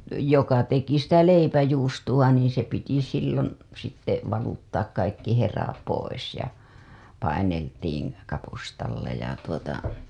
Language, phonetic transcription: Finnish, joka teki sitä 'leipäjuustuWa niiḭ se piti sillon̬ , sitte valuttaak kaikki 'hera pois ja , 'paineltiiŋ , 'kapustalla ja tuota .
- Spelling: joka teki sitä leipäjuustoa niin se piti silloin sitten valuttaa kaikki hera pois ja paineltiin kapustalla ja tuota

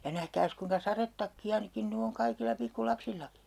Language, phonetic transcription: Finnish, ja 'nähkääs kuiŋka 'sarettakki₍a ni -kin ny oŋ 'kaikilla 'pikku'lapsillaki .
- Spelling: ja nähkääs kuinka sadetakkia niin - nyt on kaikilla pikkulapsillakin

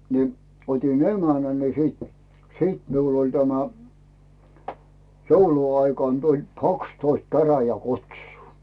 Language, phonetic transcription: Finnish, ni , 'ot́in "emänä ni 'siit , "siit miul ‿oĺ tämä , 'jouluaikan tuĺ "kakstoist 'käräjä'kutsuu .
- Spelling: niin otin emännän niin sitten sitten minulla oli tämä jouluaikana tuli kaksitoista käräjäkutsua

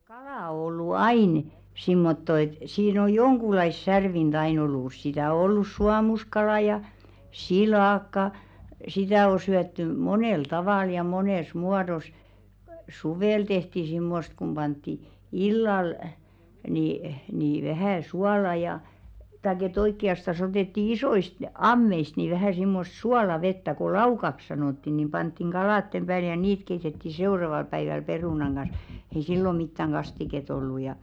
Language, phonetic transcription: Finnish, 'kalà o ollu "ain , simmotto et , 'siin ‿o "joŋɢulais 'särvin'ᴅ ‿ain ‿ollus sitä o 'ollus "suamuskalà ja , "silàkka , 'sitä o syätty "monèl 'tavàl ja "monès 'muados , "suvèl tehti 'simmost kum 'ʙantti , "illal , ni , ni vähä̀ 'suala ja , taik ‿e't ‿oikki₍astas ‿otètti 'isoist "ammeist nì vähä simmos 'suala'vettä ko "laukaks 'sanòtti nim 'panttiŋ "ɢalàttem ʙääl ja "niit 'keitetti 'seuraval päiväl 'perùnaŋ ɢan̬s , ei "sillo 'mittäŋ 'ɢastiket ‿ollu ja .
- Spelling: kala on ollut aina semmottoon että siinä on jonkunlaista särvintä aina ollut sitä on ollut suomuskala ja silakka sitä on syöty monella tavalla ja monessa muodossa suvella tehtiin semmoista kun pantiin illalla niin niin vähän suolaa ja tai että oikeastaan otettiin isoista ammeista niin vähän semmoista suolavettä kun laukaksi sanottiin niin pantiin kalojen päälle ja niitä keitettiin seuraavalla päivällä perunan kanssa ei silloin mitään kastiketta ollut ja

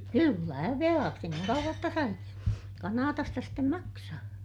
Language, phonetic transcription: Finnish, kyllä , velaaksi niiŋ kauᵛaj jotta sai , Kanaatasta stem maksaa .
- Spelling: kyllä velaksi niin kauan jotta sai Kanadasta sitten maksaa

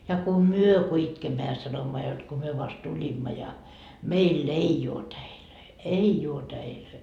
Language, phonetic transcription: Finnish, ja ku "myö ku 'itkemmä ja 'sanomma jot ko myö vast 'tuĺimma ja , meil"l ‿ei oo 'täilöi , "ei uo 'täilöi .
- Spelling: ja kun me kun itkemme ja sanomme jotta kun me vasta tulimme ja meillä ei ole täitä ei ole täitä

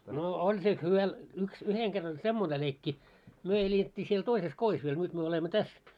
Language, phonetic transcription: Finnish, no 'oĺ siel 'hyvä , yks 'yheŋ kerr ‿oĺ "semmone leikki , myö elet́t́i siel 'toises "kois viel , 'nyt myö olemmo "täs .
- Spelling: no oli siellä hyvä yksi yhden kerran oli semmoinen leikki me elettiin siellä toisessa kodissa vielä nyt me olemme tässä

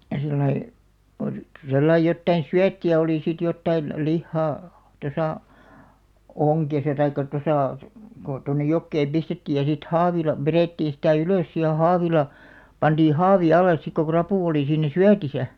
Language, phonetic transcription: Finnish, sillai , o(li) , 'sellai jottain "syätti₍ä olì sit 'jottain , 'lihhaa , 'tosà , "oŋkesa taikka 'tosà , ko tonnej̆§ 'jokkeeᵐ "pistettiij ja sit "haavila , 'verèttii sⁱtä̀ "ylòs si ja 'haavila , 'pantii "haavi 'alles 'sik ko "krapù oli 'siin̆§nä "syätisä .
- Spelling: sillä lailla oli sellainen jotakin syöttiä oli sitten jotakin lihaa tuossa ongessa tai tuossa kun tuonne jokeen pistettiin ja sitten haavilla vedettiin sitä ylös sitten ja haavilla pantiin haavi alle sitten kun rapu oli siinä syötissä

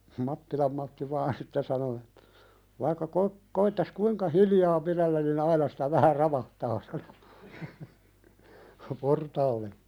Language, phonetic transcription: Finnish, Mattilam Matti 'vaan sitte 'sano ettᴀ̈ , » vaikka ko- , koittas "kuiŋka hiljaa 'piðellän ni'n ‿aina sɪtä 'vähä "ravahtaa « sano , » 'portaalle « .
- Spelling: Mattilan Matti vain sitten sanoi että vaikka - koettaisi kuinka hiljaa pidellä niin aina sitä vähän ravahtaa sanoi portaalle

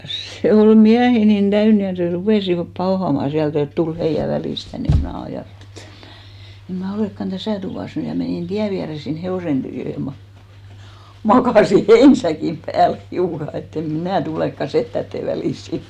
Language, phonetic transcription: Finnish, 'se 'ol "miähi nin 'ᴅäyn ja s̳§e 'rupèsivap 'paohama 'siält ‿et 'tul "heijä 'välìs 'tän , ni mnä̀ 'ajàtteli e't‿ » eᵐ mnä̀ , 'eᵐ ma̳§ 'olèkkan "täsä̀ tuvàs 'ny « ja menìn 'tiä viäre sin 'hevòsen tyyjö ja 'ma- , "makàsi "heinsäkim pääl , 'hiuka e't‿ » em "mnä̀ 'tulèkka 'settätte välìs 'sin « .
- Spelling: se oli miehiä niin täynnä ja se rupesivat pauhaamaan sieltä että tule heidän väliinsä tänne niin minä ajattelin että en minä en minä olekaan tässä tuvassa nyt ja menin tien viereen sinne hevosen tykö ja - makasin heinäsäkin päällä hiukan että en minä tulekaan setien väliin sinne

